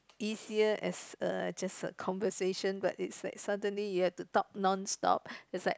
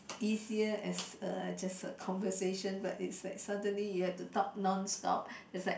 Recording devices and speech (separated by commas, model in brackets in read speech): close-talking microphone, boundary microphone, conversation in the same room